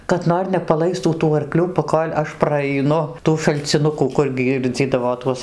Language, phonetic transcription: Lithuanian, kad ˈnor nepaˈlaistų tų arˈklių paˈkol' ˈaš praaiˈnu ˈtų šalciˈnukų ˈkur ˈgyrdzydavo ˈtuos

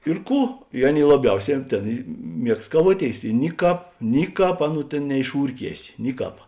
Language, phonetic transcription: Lithuanian, ir ˈkų i ˈaˌnėi laˈbiauˌsē an ˈtėn i ˈmiegst kaˈvuoˌtėis i ˈniˌkāp ˈniˌkāp ˈaˌnų ˈtėn neišˈūrˌkiesi ˈniˌkāp

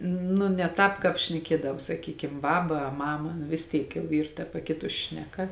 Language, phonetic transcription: Lithuanian, nu ne ˈtāp kāp šneˈkiedav saˈkykim ˈbaba a ˈmama nu vis ˈtyk jau ˈyr ta paˈkitus ˈšneˌka

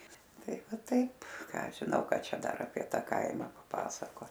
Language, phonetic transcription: Lithuanian, ˈtai ˈva ˈtaip ˈką ˈaš žiˈnau ˈka ˈčia ˈdar apie ˈta ˈkaima paˈpasakot

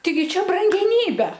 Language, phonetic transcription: Lithuanian, taiˈgi ˈčia brangeˈnybe

